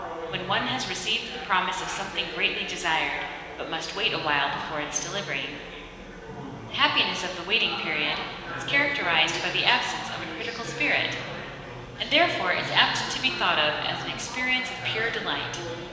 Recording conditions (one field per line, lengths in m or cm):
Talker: one person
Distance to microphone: 1.7 m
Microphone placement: close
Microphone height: 1.0 m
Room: very reverberant, large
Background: babble